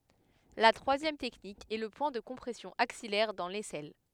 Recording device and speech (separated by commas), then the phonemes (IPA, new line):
headset microphone, read sentence
la tʁwazjɛm tɛknik ɛ lə pwɛ̃ də kɔ̃pʁɛsjɔ̃ aksijɛʁ dɑ̃ lɛsɛl